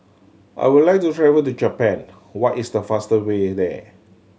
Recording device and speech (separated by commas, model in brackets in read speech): mobile phone (Samsung C7100), read sentence